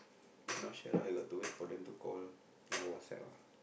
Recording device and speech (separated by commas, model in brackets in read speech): boundary microphone, conversation in the same room